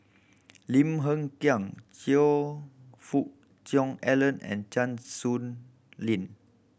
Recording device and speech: boundary microphone (BM630), read sentence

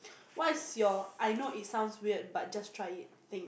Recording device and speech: boundary microphone, conversation in the same room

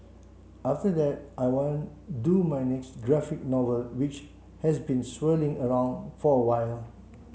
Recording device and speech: mobile phone (Samsung C7), read sentence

